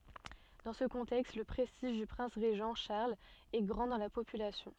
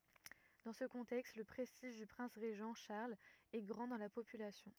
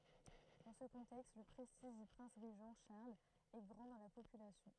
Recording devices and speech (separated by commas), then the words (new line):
soft in-ear microphone, rigid in-ear microphone, throat microphone, read sentence
Dans ce contexte, le prestige du prince régent Charles est grand dans la population.